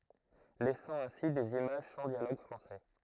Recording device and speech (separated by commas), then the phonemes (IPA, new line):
throat microphone, read sentence
lɛsɑ̃ ɛ̃si dez imaʒ sɑ̃ djaloɡ fʁɑ̃sɛ